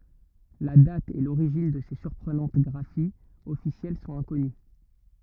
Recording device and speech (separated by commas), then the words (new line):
rigid in-ear microphone, read sentence
La date et l'origine de ces surprenantes graphies officielles sont inconnues.